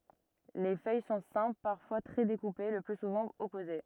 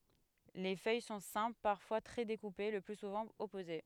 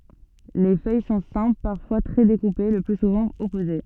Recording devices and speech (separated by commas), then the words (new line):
rigid in-ear microphone, headset microphone, soft in-ear microphone, read sentence
Les feuilles sont simples, parfois très découpées, le plus souvent opposées.